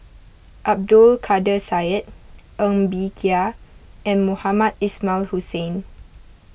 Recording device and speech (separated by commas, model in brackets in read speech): boundary microphone (BM630), read sentence